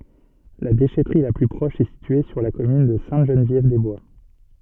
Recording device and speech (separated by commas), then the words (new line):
soft in-ear microphone, read sentence
La déchèterie la plus proche est située sur la commune de Sainte-Geneviève-des-Bois.